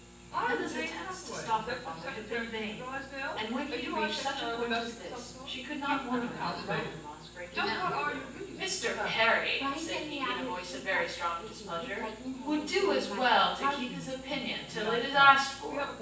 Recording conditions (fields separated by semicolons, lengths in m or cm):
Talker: one person; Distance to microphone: 9.8 m; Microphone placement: far; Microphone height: 1.8 m; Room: large; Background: television